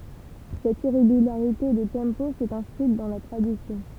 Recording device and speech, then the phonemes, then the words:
temple vibration pickup, read sentence
sɛt iʁeɡylaʁite də tɑ̃po sɛt ɛ̃skʁit dɑ̃ la tʁadisjɔ̃
Cette irrégularité de tempo s'est inscrite dans la tradition.

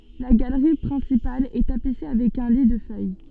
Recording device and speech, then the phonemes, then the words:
soft in-ear microphone, read sentence
la ɡalʁi pʁɛ̃sipal ɛ tapise avɛk œ̃ li də fœj
La galerie principale est tapissée avec un lit de feuilles.

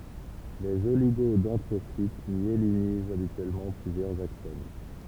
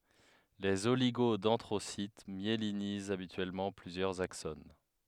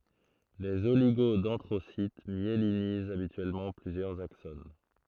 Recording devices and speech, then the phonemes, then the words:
temple vibration pickup, headset microphone, throat microphone, read sentence
lez oliɡodɛ̃dʁosit mjelinizt abityɛlmɑ̃ plyzjœʁz akson
Les oligodendrocytes myélinisent habituellement plusieurs axones.

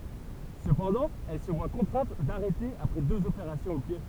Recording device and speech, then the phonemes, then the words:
temple vibration pickup, read sentence
səpɑ̃dɑ̃ ɛl sə vwa kɔ̃tʁɛ̃t daʁɛte apʁɛ døz opeʁasjɔ̃z o pje
Cependant, elle se voit contrainte d'arrêter après deux opérations au pied.

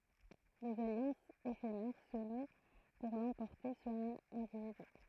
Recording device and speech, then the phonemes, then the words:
throat microphone, read sentence
dez aljɑ̃sz efemɛʁ sə nw puʁ lɑ̃pɔʁte syʁ œ̃n ɛ̃dividy
Des alliances éphémères se nouent pour l'emporter sur un individu.

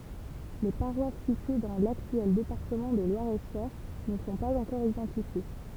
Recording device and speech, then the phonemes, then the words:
temple vibration pickup, read sentence
le paʁwas sitye dɑ̃ laktyɛl depaʁtəmɑ̃ də lwaʁɛtʃœʁ nə sɔ̃ paz ɑ̃kɔʁ idɑ̃tifje
Les paroisses situées dans l'actuel département de Loir-et-Cher ne sont pas encore identifiées.

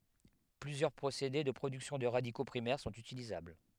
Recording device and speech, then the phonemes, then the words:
headset microphone, read sentence
plyzjœʁ pʁosede də pʁodyksjɔ̃ də ʁadiko pʁimɛʁ sɔ̃t ytilizabl
Plusieurs procédés de production de radicaux primaires sont utilisables.

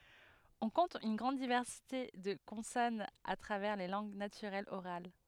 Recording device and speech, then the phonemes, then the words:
headset microphone, read sentence
ɔ̃ kɔ̃t yn ɡʁɑ̃d divɛʁsite də kɔ̃sɔnz a tʁavɛʁ le lɑ̃ɡ natyʁɛlz oʁal
On compte une grande diversité de consonnes à travers les langues naturelles orales.

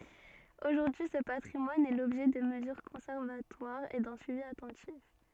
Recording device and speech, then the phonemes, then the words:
soft in-ear microphone, read sentence
oʒuʁdyi sə patʁimwan ɛ lɔbʒɛ də məzyʁ kɔ̃sɛʁvatwaʁz e dœ̃ syivi atɑ̃tif
Aujourd'hui, ce patrimoine est l'objet de mesures conservatoires et d'un suivi attentif.

